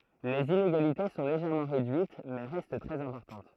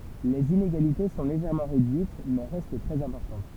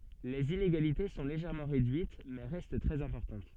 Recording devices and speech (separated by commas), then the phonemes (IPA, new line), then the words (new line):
throat microphone, temple vibration pickup, soft in-ear microphone, read sentence
lez ineɡalite sɔ̃ leʒɛʁmɑ̃ ʁedyit mɛ ʁɛst tʁɛz ɛ̃pɔʁtɑ̃t
Les inégalités sont légèrement réduites, mais restent très importantes.